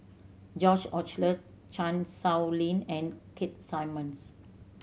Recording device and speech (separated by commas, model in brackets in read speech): mobile phone (Samsung C7100), read sentence